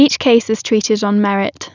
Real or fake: real